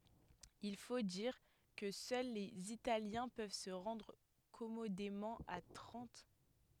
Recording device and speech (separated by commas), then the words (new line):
headset microphone, read sentence
Il faut dire que seuls les Italiens peuvent se rendre commodément à Trente.